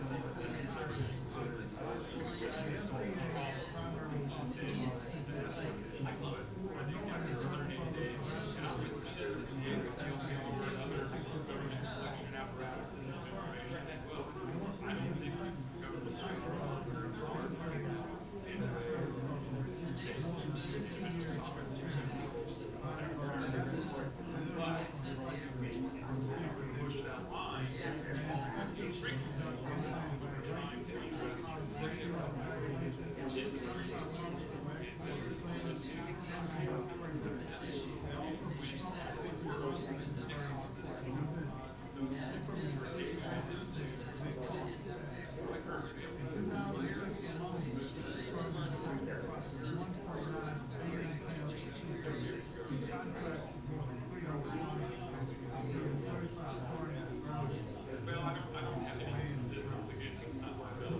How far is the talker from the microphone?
No main talker.